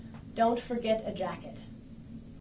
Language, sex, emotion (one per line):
English
female
neutral